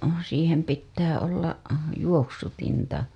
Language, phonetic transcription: Finnish, siihem pittää olla , 'juok-sutinta .
- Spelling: siihen pitää olla juoksutinta

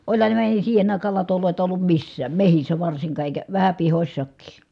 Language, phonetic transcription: Finnish, oĺhan ne (eihän ne) siihen ‿àikaal latolòita ollum missääm mehissä varsiŋkaa èikä , vähä pihośsakkii .
- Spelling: olihan ne eihän ne siihen aikaan latoja ollut missään metsissä varsinkaan eikä vähän pihoissakin

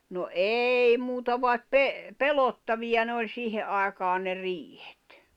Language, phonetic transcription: Finnish, no "êi 'muuta vaet 'pe- , "pelottaviʲa ne oĺ 'siihe ’àekaan ne 'riihet .
- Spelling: no ei muuta vaan - pelottavia ne oli siihen aikaan ne riihet

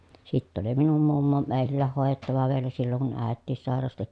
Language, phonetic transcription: Finnish, sitt ‿oli minum mummo mèi̮llääh hòejettava vielä silloŋ kun ä̀ettiis sàerasti .
- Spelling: sitten oli minun mummo meillä hoidettava vielä silloin kun äitikin sairasti

